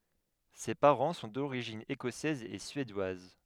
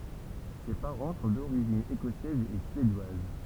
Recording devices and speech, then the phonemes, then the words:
headset microphone, temple vibration pickup, read sentence
se paʁɑ̃ sɔ̃ doʁiʒin ekɔsɛz e syedwaz
Ses parents sont d'origine écossaise et suédoise.

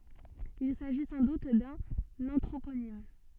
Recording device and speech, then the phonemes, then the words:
soft in-ear microphone, read sentence
il saʒi sɑ̃ dut dœ̃n ɑ̃tʁoponim
Il s'agit sans doute d'un anthroponyme.

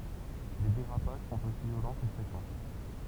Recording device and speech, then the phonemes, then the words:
temple vibration pickup, read sentence
le deʁapaʒ sɔ̃t osi vjolɑ̃ kə fʁekɑ̃
Les dérapages sont aussi violents que fréquents.

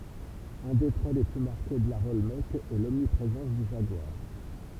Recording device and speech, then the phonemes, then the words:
temple vibration pickup, read sentence
œ̃ de tʁɛ le ply maʁke də laʁ ɔlmɛk ɛ lɔmnipʁezɑ̃s dy ʒaɡwaʁ
Un des traits les plus marqués de l'art olmèque est l'omniprésence du jaguar.

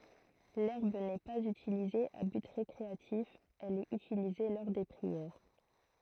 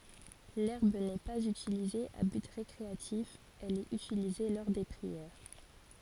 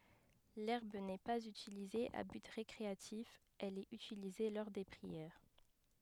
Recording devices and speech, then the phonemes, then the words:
throat microphone, forehead accelerometer, headset microphone, read sentence
lɛʁb nɛ paz ytilize a byt ʁekʁeatif ɛl ɛt ytilize lɔʁ de pʁiɛʁ
L'herbe n'est pas utilisée à but récréatif, elle est utilisée lors des prières.

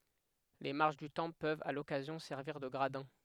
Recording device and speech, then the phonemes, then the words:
headset microphone, read sentence
le maʁʃ dy tɑ̃pl pøvt a lɔkazjɔ̃ sɛʁviʁ də ɡʁadɛ̃
Les marches du temple peuvent, à l'occasion, servir de gradins.

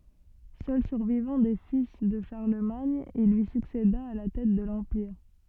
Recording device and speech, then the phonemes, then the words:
soft in-ear microphone, read sentence
sœl syʁvivɑ̃ de fil də ʃaʁləmaɲ il lyi sykseda a la tɛt də lɑ̃piʁ
Seul survivant des fils de Charlemagne, il lui succéda à la tête de l'empire.

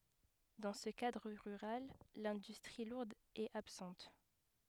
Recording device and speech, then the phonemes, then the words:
headset microphone, read sentence
dɑ̃ sə kadʁ ʁyʁal lɛ̃dystʁi luʁd ɛt absɑ̃t
Dans ce cadre rural, l'industrie lourde est absente.

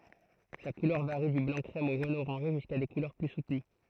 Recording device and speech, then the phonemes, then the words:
throat microphone, read sentence
sa kulœʁ vaʁi dy blɑ̃ kʁɛm o ʒon oʁɑ̃ʒe ʒyska de kulœʁ ply sutəny
Sa couleur varie du blanc-crème au jaune-orangé, jusqu'à des couleurs plus soutenues.

